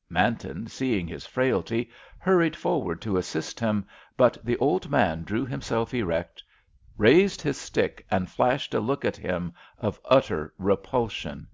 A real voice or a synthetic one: real